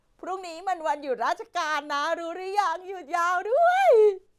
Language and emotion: Thai, happy